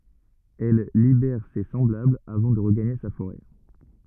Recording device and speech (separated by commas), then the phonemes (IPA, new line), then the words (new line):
rigid in-ear microphone, read sentence
ɛl libɛʁ se sɑ̃blablz avɑ̃ də ʁəɡaɲe sa foʁɛ
Elle libère ses semblables avant de regagner sa forêt.